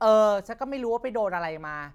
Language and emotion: Thai, frustrated